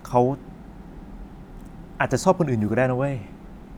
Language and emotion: Thai, frustrated